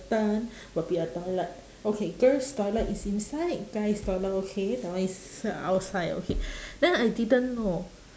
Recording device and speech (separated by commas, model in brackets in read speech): standing microphone, conversation in separate rooms